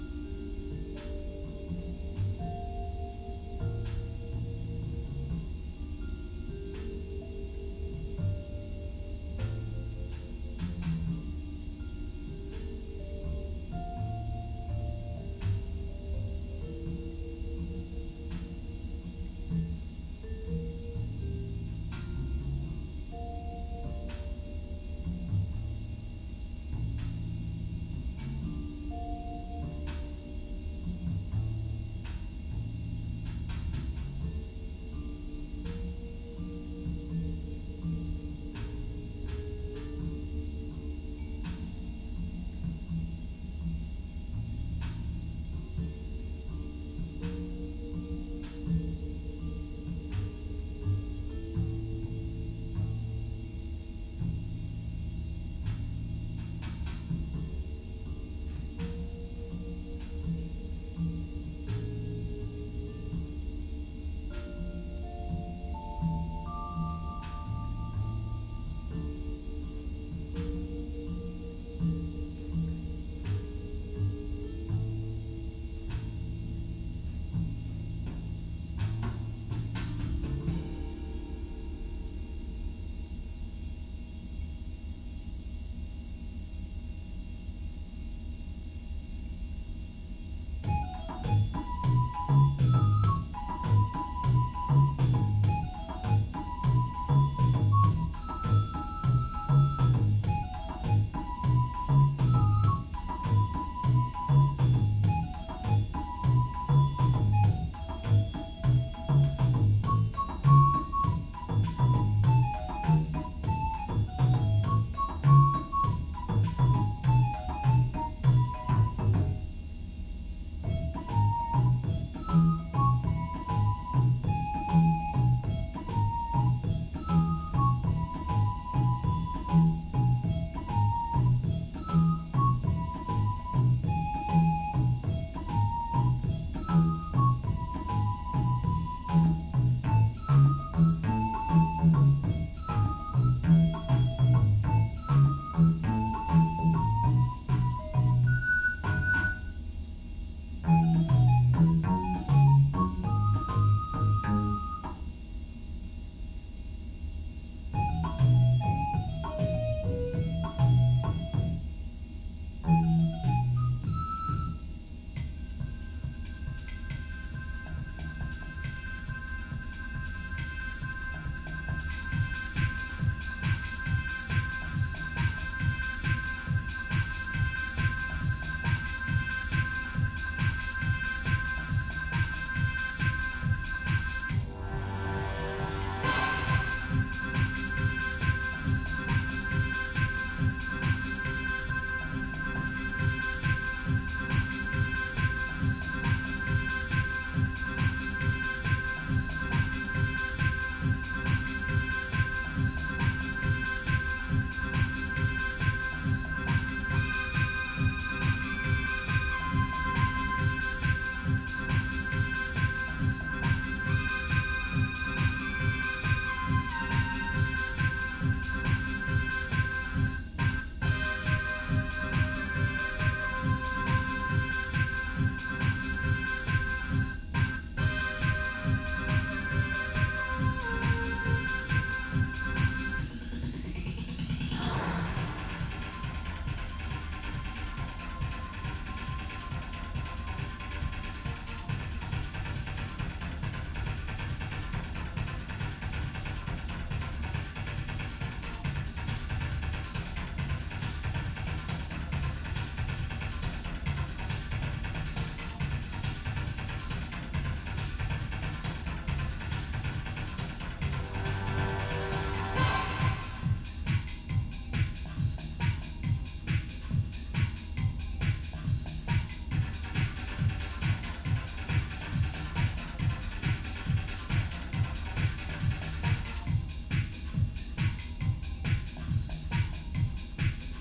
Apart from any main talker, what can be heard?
Music.